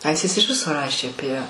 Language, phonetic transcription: Lithuanian, ˈaistis iš ˈviso ˈrašė aˈpie

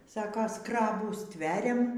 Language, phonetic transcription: Lithuanian, ˈsaka ˈskrabų ˈstveriam

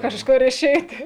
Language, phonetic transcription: Lithuanian, kažˈkur iˈšeiti

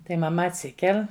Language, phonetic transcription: Lithuanian, tai maˈma atˈsikel'

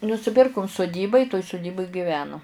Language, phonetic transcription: Lithuanian, nusiˈpirkum suˈdyba i toj suˈdybuj giˈvenu

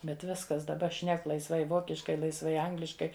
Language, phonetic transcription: Lithuanian, bet ˈviskas daˈba ˈšnek laisˈvai ˈvokiškai laisˈvai ˈangliškai

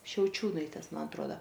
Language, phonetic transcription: Lithuanian, šiauˈčiūnaitės ˈman atˈruoda

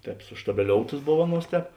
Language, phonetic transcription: Lithuanian, ˈtēp suštabeˈlioutas ˈbov ˈaˌnuos ˈtēp

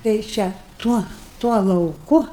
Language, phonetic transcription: Lithuanian, tei ˈčia ˈtuo tuo lauˈku

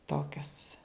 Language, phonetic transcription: Lithuanian, ˈtokios

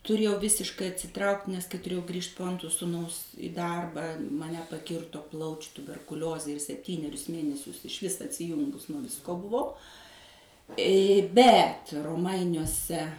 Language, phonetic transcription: Lithuanian, tuˈrėjau ˈvisiškai atsiˈtraukt' nes kai tuˈrėjau ˈgrįžt po ˈantro suˈnaus i ˈdarbą maˈne paˈkirto ˈplaučiu tuberkuˈliozė ir sepˈtynerius ˈmėnesius išˈvis atsiˈjungus nuo visˈko buˈvau bet roˈmainiuose

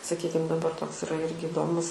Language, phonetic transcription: Lithuanian, saˈkykim daˈbar ˈtoks iˈra ˈirgi iˈdomus

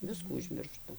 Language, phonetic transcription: Lithuanian, ˈviskų užmirˈštu

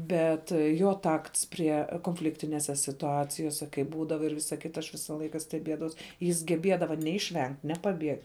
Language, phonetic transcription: Lithuanian, ˈbet ˈjo ˈtakts ˈprie konˈfliktinėse situˈacijose kai ˈbūdava ir ˈvisa ˈkita aš ˈvisa ˈlaika steˈbiedavaus jis geˈbiedava ˈne išˈvengt' ˈne paˈbiegt'

